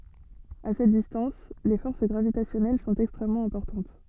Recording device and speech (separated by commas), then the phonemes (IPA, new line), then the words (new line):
soft in-ear microphone, read sentence
a sɛt distɑ̃s le fɔʁs ɡʁavitasjɔnɛl sɔ̃t ɛkstʁɛmmɑ̃ ɛ̃pɔʁtɑ̃t
À cette distance, les forces gravitationnelles sont extrêmement importantes.